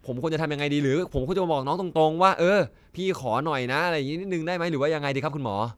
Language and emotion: Thai, neutral